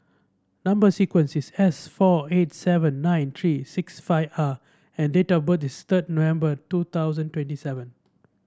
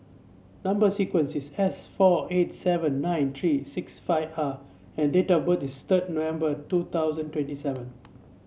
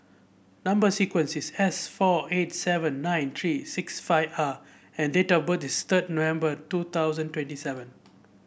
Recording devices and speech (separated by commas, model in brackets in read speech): standing microphone (AKG C214), mobile phone (Samsung C7), boundary microphone (BM630), read sentence